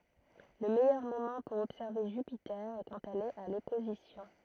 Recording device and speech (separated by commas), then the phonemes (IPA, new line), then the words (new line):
throat microphone, read sentence
lə mɛjœʁ momɑ̃ puʁ ɔbsɛʁve ʒypite ɛ kɑ̃t ɛl ɛt a lɔpozisjɔ̃
Le meilleur moment pour observer Jupiter est quand elle est à l'opposition.